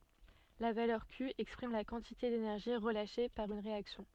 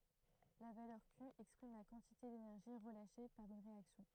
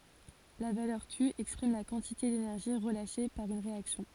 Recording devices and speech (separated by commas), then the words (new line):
soft in-ear microphone, throat microphone, forehead accelerometer, read sentence
La valeur Q exprime la quantité d’énergie relâchée par une réaction.